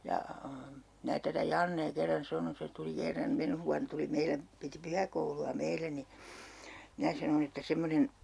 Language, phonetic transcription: Finnish, ja , 'mää tätä "Jannee 'kerran 'sanon 'se tuli 'kerram 'menh vuan tuli 'meile , piti "pyhäkoulu₍a 'meillä ni , 'minä sanon ‿että 'semmonen ,.
- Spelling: ja minä tätä Jannea kerran sanoin se tuli kerran menneenä vuonna tuli meille piti pyhäkoulua meillä niin minä sanoin että semmoinen

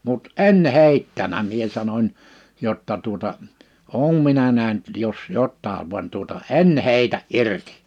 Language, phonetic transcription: Finnish, mut "en 'hèittänä 'mie sanoń , 'jotta tuota , » "òum minä 'nähnt jos "jottaav van tuota "en "hèitä’ "’irtɪ « .
- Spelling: mutta en heittänyt minä sanon jotta tuota olen minä nähnyt jos jotakin vaan tuota en heitä irti

